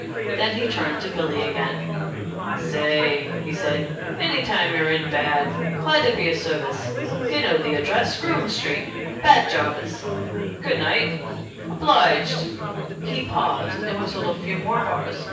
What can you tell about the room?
A spacious room.